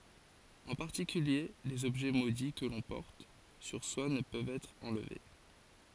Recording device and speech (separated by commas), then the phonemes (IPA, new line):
forehead accelerometer, read sentence
ɑ̃ paʁtikylje lez ɔbʒɛ modi kə lɔ̃ pɔʁt syʁ swa nə pøvt ɛtʁ ɑ̃lve